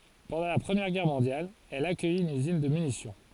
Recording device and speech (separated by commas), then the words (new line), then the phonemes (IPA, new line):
forehead accelerometer, read sentence
Pendant la Première Guerre mondiale, elle accueille une usine de munitions.
pɑ̃dɑ̃ la pʁəmjɛʁ ɡɛʁ mɔ̃djal ɛl akœj yn yzin də mynisjɔ̃